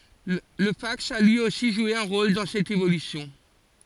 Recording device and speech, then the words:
forehead accelerometer, read sentence
Le fax a lui aussi joué un rôle dans cette évolution.

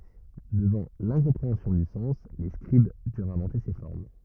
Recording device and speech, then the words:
rigid in-ear microphone, read sentence
Devant l’incompréhension du sens, les scribes durent inventer ces formes.

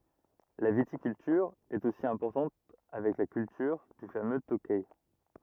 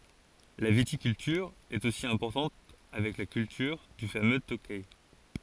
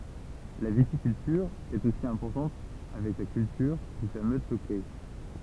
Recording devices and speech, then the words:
rigid in-ear microphone, forehead accelerometer, temple vibration pickup, read sentence
La viticulture est aussi importante avec la culture du fameux Tokay.

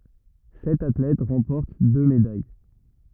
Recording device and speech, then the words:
rigid in-ear microphone, read sentence
Sept athlètes remportent deux médailles.

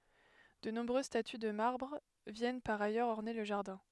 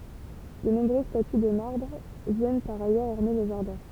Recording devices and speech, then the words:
headset microphone, temple vibration pickup, read sentence
De nombreuses statues de marbre viennent par ailleurs orner le jardin.

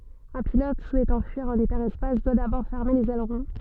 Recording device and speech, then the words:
soft in-ear microphone, read sentence
Un pilote souhaitant fuir en hyperespace doit d’abord fermer les ailerons.

